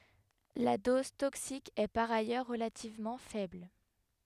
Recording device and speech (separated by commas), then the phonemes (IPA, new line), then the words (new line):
headset microphone, read sentence
la dɔz toksik ɛ paʁ ajœʁ ʁəlativmɑ̃ fɛbl
La dose toxique est par ailleurs relativement faible.